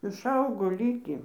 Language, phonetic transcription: Lithuanian, išˈaugo ˈlykį

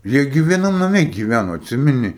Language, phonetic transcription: Lithuanian, jie ˈgi vieˈnam naˈme giˈvæno atˈsimeni

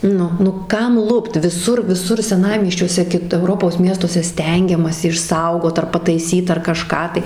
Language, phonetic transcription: Lithuanian, ˈnu nu ˈkam ˈlupt viˈsur viˈsur seˈnamiesčiuose ˈkit euˈropos ˈmiestuose ˈstengiamasi išˈsaugot ar pataiˈsyt ar kaˈžką tai

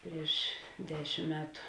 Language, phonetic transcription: Lithuanian, ˈprieš ˈdešim ˈmetu

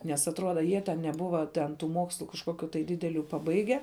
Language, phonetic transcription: Lithuanian, ˈnes atˈruoda ˈjie ten neˈbuva ten ˈtų ˈmokslu kažˈkoˌkiu tai ˈdideˌliu paˈbaige

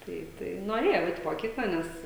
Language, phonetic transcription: Lithuanian, ˈtai tai noˈrėjau ˈeit moˈkykla ˈnes

